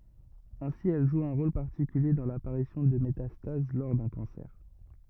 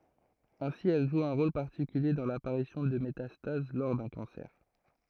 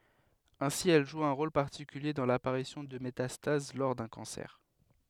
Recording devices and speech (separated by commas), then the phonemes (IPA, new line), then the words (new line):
rigid in-ear microphone, throat microphone, headset microphone, read sentence
ɛ̃si ɛl ʒu œ̃ ʁol paʁtikylje dɑ̃ lapaʁisjɔ̃ də metastaz lɔʁ dœ̃ kɑ̃sɛʁ
Ainsi, elle joue un rôle particulier dans l'apparition de métastases lors d'un cancer.